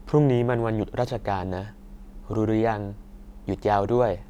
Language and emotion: Thai, neutral